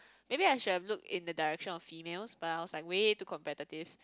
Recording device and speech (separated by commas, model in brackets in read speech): close-talking microphone, conversation in the same room